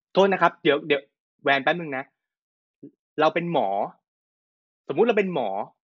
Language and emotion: Thai, angry